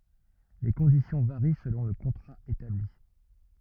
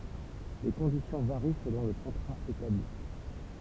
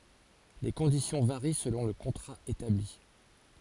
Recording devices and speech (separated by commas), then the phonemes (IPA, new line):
rigid in-ear microphone, temple vibration pickup, forehead accelerometer, read sentence
le kɔ̃disjɔ̃ vaʁi səlɔ̃ lə kɔ̃tʁa etabli